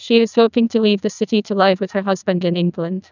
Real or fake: fake